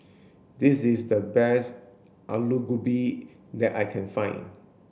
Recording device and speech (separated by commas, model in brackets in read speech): boundary microphone (BM630), read sentence